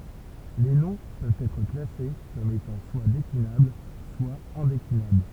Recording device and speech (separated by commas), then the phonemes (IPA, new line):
temple vibration pickup, read sentence
le nɔ̃ pøvt ɛtʁ klase kɔm etɑ̃ swa deklinabl swa ɛ̃deklinabl